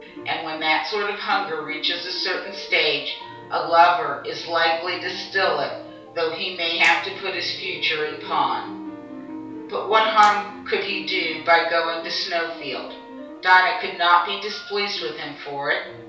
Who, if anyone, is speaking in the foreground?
One person.